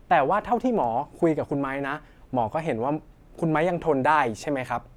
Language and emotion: Thai, neutral